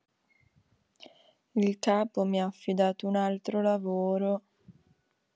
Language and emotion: Italian, sad